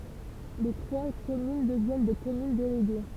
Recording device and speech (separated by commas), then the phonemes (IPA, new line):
temple vibration pickup, read sentence
le tʁwa kɔmyn dəvjɛn de kɔmyn deleɡe